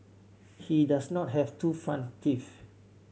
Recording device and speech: mobile phone (Samsung C7100), read sentence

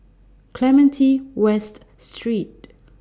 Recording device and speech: standing microphone (AKG C214), read sentence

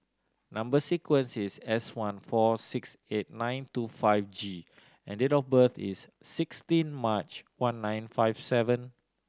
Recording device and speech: standing microphone (AKG C214), read sentence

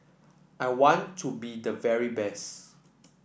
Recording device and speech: boundary microphone (BM630), read sentence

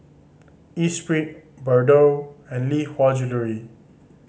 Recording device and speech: mobile phone (Samsung C5010), read sentence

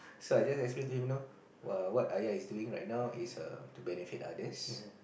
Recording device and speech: boundary microphone, conversation in the same room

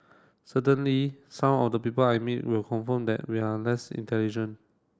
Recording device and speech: standing microphone (AKG C214), read sentence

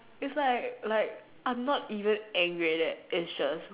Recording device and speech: telephone, conversation in separate rooms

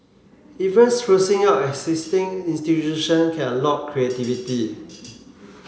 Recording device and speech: mobile phone (Samsung C7), read sentence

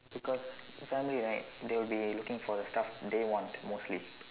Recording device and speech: telephone, conversation in separate rooms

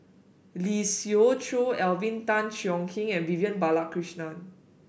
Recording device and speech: boundary microphone (BM630), read sentence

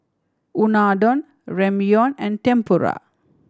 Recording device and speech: standing microphone (AKG C214), read sentence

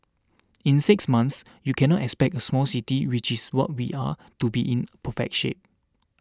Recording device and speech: standing microphone (AKG C214), read sentence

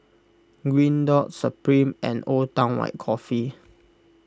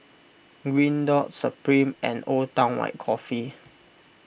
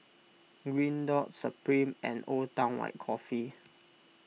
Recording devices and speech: close-talking microphone (WH20), boundary microphone (BM630), mobile phone (iPhone 6), read sentence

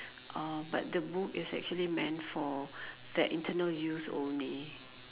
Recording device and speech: telephone, conversation in separate rooms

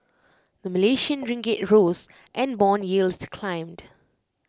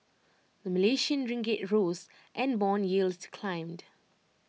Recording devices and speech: close-talking microphone (WH20), mobile phone (iPhone 6), read sentence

